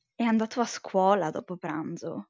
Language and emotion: Italian, disgusted